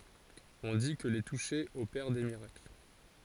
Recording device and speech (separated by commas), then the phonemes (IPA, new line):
forehead accelerometer, read sentence
ɔ̃ di kə le tuʃe opɛʁ de miʁakl